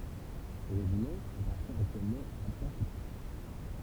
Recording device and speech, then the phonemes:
temple vibration pickup, read sentence
sə ʁeʒimɑ̃ apaʁtjɛ̃ aktyɛlmɑ̃ a la paʁaʃytist

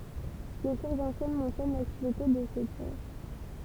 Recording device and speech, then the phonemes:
temple vibration pickup, read sentence
le suʁsz ɑ̃sjɛn mɑ̃sjɔn laktivite də sə pɔʁ

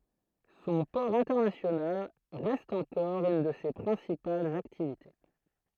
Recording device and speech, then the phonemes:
throat microphone, read sentence
sɔ̃ pɔʁ ɛ̃tɛʁnasjonal ʁɛst ɑ̃kɔʁ yn də se pʁɛ̃sipalz aktivite

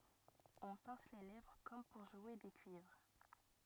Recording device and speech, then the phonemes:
rigid in-ear microphone, read sentence
ɔ̃ pɛ̃s le lɛvʁ kɔm puʁ ʒwe de kyivʁ

